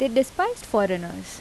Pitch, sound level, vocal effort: 240 Hz, 82 dB SPL, normal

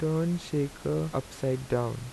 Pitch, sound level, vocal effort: 130 Hz, 80 dB SPL, soft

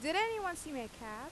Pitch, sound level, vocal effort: 300 Hz, 90 dB SPL, loud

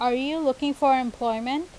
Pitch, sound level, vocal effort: 265 Hz, 90 dB SPL, loud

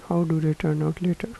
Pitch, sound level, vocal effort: 165 Hz, 78 dB SPL, soft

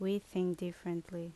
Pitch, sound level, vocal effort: 175 Hz, 77 dB SPL, normal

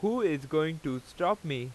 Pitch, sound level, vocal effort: 155 Hz, 92 dB SPL, loud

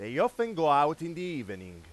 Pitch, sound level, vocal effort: 155 Hz, 100 dB SPL, very loud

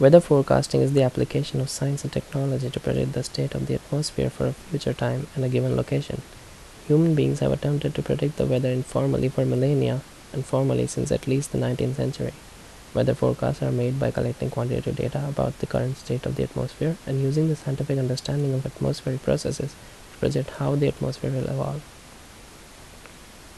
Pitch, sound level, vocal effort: 130 Hz, 72 dB SPL, soft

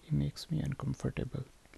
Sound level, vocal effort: 68 dB SPL, soft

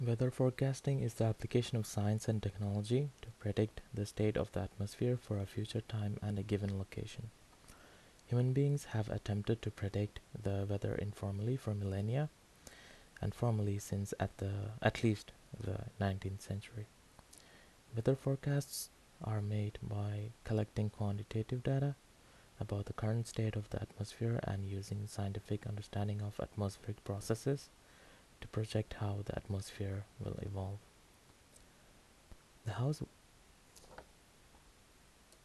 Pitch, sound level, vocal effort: 105 Hz, 73 dB SPL, soft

